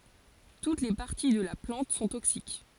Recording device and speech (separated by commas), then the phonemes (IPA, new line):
forehead accelerometer, read sentence
tut le paʁti də la plɑ̃t sɔ̃ toksik